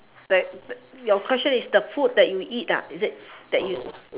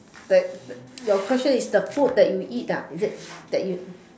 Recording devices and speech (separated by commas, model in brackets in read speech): telephone, standing microphone, conversation in separate rooms